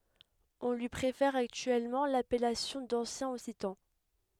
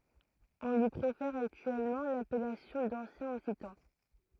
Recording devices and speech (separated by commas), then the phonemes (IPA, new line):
headset microphone, throat microphone, read sentence
ɔ̃ lyi pʁefɛʁ aktyɛlmɑ̃ lapɛlasjɔ̃ dɑ̃sjɛ̃ ɔksitɑ̃